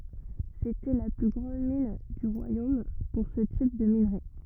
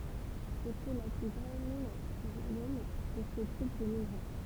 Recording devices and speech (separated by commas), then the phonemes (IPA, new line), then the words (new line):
rigid in-ear microphone, temple vibration pickup, read sentence
setɛ la ply ɡʁɑ̃d min dy ʁwajom puʁ sə tip də minʁe
C'était la plus grande mine du royaume pour ce type de minerai.